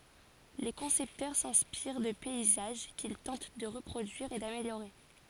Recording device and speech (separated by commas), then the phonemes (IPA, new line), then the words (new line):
forehead accelerometer, read sentence
le kɔ̃sɛptœʁ sɛ̃spiʁ də pɛizaʒ kil tɑ̃t də ʁəpʁodyiʁ e dameljoʁe
Les concepteurs s'inspirent de paysages qu'ils tentent de reproduire et d'améliorer.